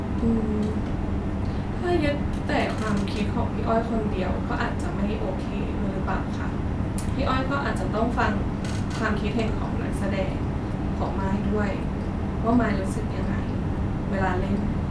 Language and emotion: Thai, frustrated